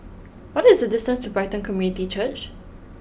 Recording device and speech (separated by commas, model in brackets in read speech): boundary microphone (BM630), read sentence